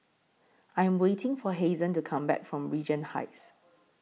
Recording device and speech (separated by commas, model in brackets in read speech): mobile phone (iPhone 6), read sentence